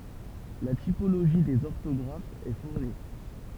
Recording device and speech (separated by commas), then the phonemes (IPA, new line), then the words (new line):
temple vibration pickup, read sentence
la tipoloʒi dez ɔʁtɔɡʁafz ɛ fuʁni
La typologie des orthographes est fournie.